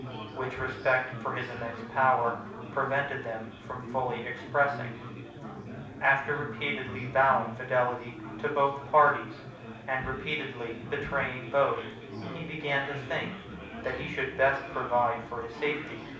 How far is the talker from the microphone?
5.8 m.